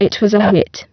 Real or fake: fake